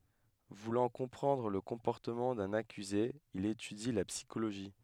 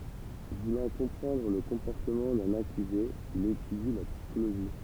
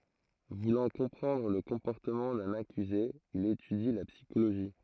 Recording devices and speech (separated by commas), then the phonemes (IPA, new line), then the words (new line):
headset microphone, temple vibration pickup, throat microphone, read sentence
vulɑ̃ kɔ̃pʁɑ̃dʁ lə kɔ̃pɔʁtəmɑ̃ dœ̃n akyze il etydi la psikoloʒi
Voulant comprendre le comportement d'un accusé, il étudie la psychologie.